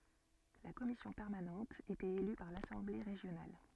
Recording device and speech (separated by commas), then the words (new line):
soft in-ear microphone, read sentence
La Commission permanente était élue par l'Assemblée régionale.